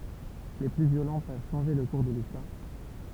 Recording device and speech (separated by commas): temple vibration pickup, read sentence